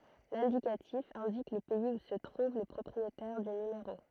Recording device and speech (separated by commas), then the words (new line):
throat microphone, read sentence
L'indicatif indique le pays où se trouve le propriétaire du numéro.